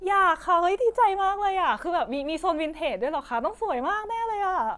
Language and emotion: Thai, happy